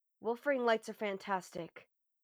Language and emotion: English, fearful